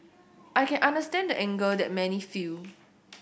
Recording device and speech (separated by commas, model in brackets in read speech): boundary microphone (BM630), read sentence